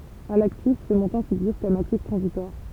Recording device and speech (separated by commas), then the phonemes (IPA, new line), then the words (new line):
temple vibration pickup, read sentence
a laktif sə mɔ̃tɑ̃ fiɡyʁ kɔm aktif tʁɑ̃zitwaʁ
À l'actif, ce montant figure comme actif transitoire.